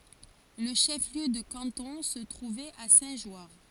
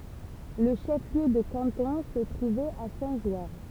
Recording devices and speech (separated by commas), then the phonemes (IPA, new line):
forehead accelerometer, temple vibration pickup, read sentence
lə ʃəfliø də kɑ̃tɔ̃ sə tʁuvɛt a sɛ̃tʒwaʁ